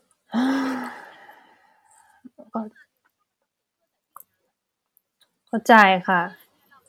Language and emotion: Thai, frustrated